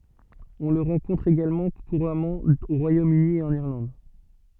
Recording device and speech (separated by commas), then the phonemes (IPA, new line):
soft in-ear microphone, read sentence
ɔ̃ lə ʁɑ̃kɔ̃tʁ eɡalmɑ̃ kuʁamɑ̃ o ʁwajomøni e ɑ̃n iʁlɑ̃d